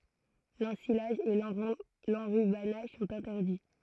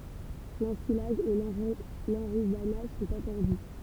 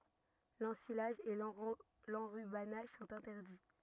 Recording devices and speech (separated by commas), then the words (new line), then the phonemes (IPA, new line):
throat microphone, temple vibration pickup, rigid in-ear microphone, read sentence
L’ensilage et l’enrubannage sont interdits.
lɑ̃silaʒ e lɑ̃ʁybanaʒ sɔ̃t ɛ̃tɛʁdi